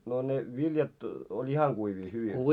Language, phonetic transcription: Finnish, no ne 'viljat , oĺ "ihaŋ ɢuivii hyvin .
- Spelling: no ne viljat oli ihan kuivia hyvin

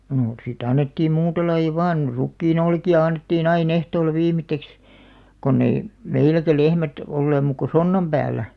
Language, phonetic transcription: Finnish, noo , si't ‿annettiim 'muuta laiʲa "vàn , 'rukkii'n ‿olki₍a 'annettii'n ‿ai'n ‿ehtoolla 'viimit̆§teks , 'konn ‿ei , "meiläkä 'lehmät , olleem muuk ko "sonnam 'ʙääl̆lä .
- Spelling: no sitten annettiin muuta lajia vain rukiin olkia annettiin aina ehtoolla viimeiseksi kun ei meilläkään lehmät olleet muuta kuin sonnan päällä

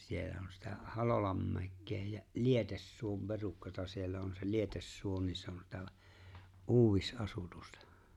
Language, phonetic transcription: Finnish, 'siellä on sitä "Halolammäkke jä , "Lietessuom 'perukkata 'siellä on se "Lietessuo ni 'se on sitä "’uuwis' ’asutusta .
- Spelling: siellä on sitä Halolanmäkeä ja Lietesuon perukkaa siellä on se Lietesuo niin se on sitä - uudisasutusta

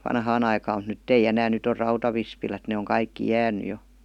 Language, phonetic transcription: Finnish, vanhaan ‿aikaam mut "nytt ‿ei 'enään 'nyt ‿or 'rautavispilät ne oŋ 'kaikki 'jääny 'jo .
- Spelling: vanhaan aikaan mutta nyt ei enää nyt on rautavispilät ne on kaikki jäänyt jo

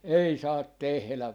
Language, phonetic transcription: Finnish, "ei 'saat "tehlä .
- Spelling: ei saa tehdä

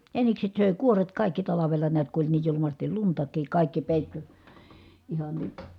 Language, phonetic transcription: Finnish, jänikset sö̀e kuoret kàikki talavela niät ku oĺ niij julumastil luntak̀iik kàikki pèitty , ihan ni ,.
- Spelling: jänikset söi kuoret kaikki talvella näet kun oli niin julmasti luntakin kaikki peittyi ihan niin

